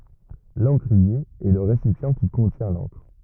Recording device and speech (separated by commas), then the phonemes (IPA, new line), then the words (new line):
rigid in-ear microphone, read sentence
lɑ̃kʁie ɛ lə ʁesipjɑ̃ ki kɔ̃tjɛ̃ lɑ̃kʁ
L'encrier est le récipient qui contient l'encre.